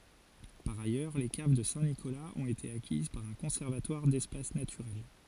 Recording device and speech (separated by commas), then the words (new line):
forehead accelerometer, read sentence
Par ailleurs, les caves de Saint-Nicolas ont été acquises par un conservatoire d'espaces naturels.